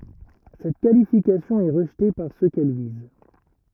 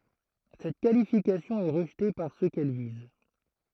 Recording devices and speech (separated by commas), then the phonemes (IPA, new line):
rigid in-ear microphone, throat microphone, read sentence
sɛt kalifikasjɔ̃ ɛ ʁəʒte paʁ sø kɛl viz